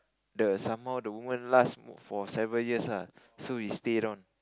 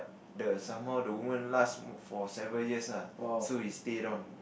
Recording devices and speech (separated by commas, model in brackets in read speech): close-talking microphone, boundary microphone, conversation in the same room